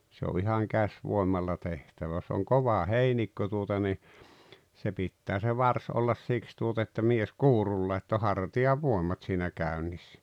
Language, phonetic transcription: Finnish, se o ihaŋ 'käs'vòemalla 'tehtävä ʲᵒs on "kova "heinikko tuota ni , se 'pittää se "vars ollas 'siks tuota että 'mies "kuurulla ett ‿o "harti₍a'vòem̀at siinä 'käynnissᴀ̈ .
- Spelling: se on ihan käsivoimalla tehtävä jos on kova heinikko tuota niin se pitää se varsi olla siksi tuota että mies kuurulla että on hartiavoimat siinä käynnissä

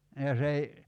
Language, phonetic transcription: Finnish, ja 's ‿ei ,.
- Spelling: ja se ei

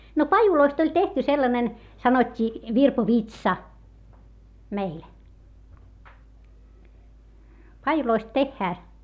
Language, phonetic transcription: Finnish, » no pajuloist ‿oĺ tehty sellanen , sanot́t́ii , virpovitsa , meil , pajuloist tehhää .
- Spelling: no pajuista oli tehty sellainen sanottiin virpovitsa meillä pajuista tehdään

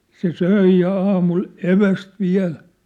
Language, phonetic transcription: Finnish, se "söi ja 'aamul , "eväst 'viä̭l .
- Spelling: se söi ja aamulla evästä vielä

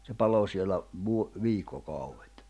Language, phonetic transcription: Finnish, se 'palo sielä , vu- , 'viikko'kauwet .
- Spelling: se palo siellä - viikkokaudet

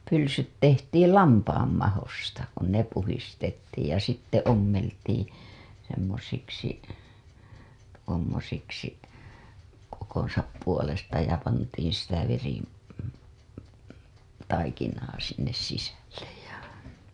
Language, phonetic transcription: Finnish, pylsyt tehtiil "lampaam mahosta , kun 'ne puhistettiij ja sitte 'ommeltii , semmosiksi , tuommosiksi , kokoo̰sap puolesta ja pantiin̬ sitä veri- , -taikinaa sinnes sisällej ja .
- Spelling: pylsyt tehtiin lampaan mahoista kun ne puhdistettiin ja sitten ommeltiin semmoisiksi tuommoisiksi kokonsa puolesta ja pantiin sitä - veritaikinaa sinne sisälle ja

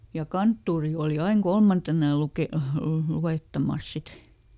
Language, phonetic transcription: Finnish, ja ˈkanttuuri ooli ˈaiŋ "kolmantena ja luke- , ˈluwèttamàs ˈsit .
- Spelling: ja kanttori oli aina kolmantena ja - luettamassa sitten

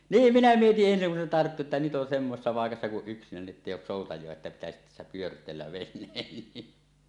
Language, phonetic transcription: Finnish, niim 'minä mietiˀ 'ˀensiŋ kun se tarttu että nyt ’on 'semmosessa 'pàekassa kuˀ "ˀyksinäni ettèij ‿òus 'sòutaj̀oa että pitäsit tässä 'pyört̀eellä 'ven̆neen ni .
- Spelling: niin minä mietin ensin kun se tarttui että nyt on semmoisessa paikassa kun yksinäni että ei ole soutajia että pitäisi tässä pyörteellä veneen niin

